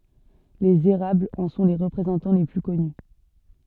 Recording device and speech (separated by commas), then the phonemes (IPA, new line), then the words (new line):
soft in-ear microphone, read sentence
lez eʁablz ɑ̃ sɔ̃ le ʁəpʁezɑ̃tɑ̃ le ply kɔny
Les érables en sont les représentants les plus connus.